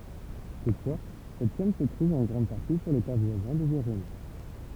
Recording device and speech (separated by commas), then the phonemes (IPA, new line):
temple vibration pickup, read sentence
tutfwa sɛt ʃɛn sə tʁuv ɑ̃ ɡʁɑ̃d paʁti syʁ leta vwazɛ̃ də viʁʒini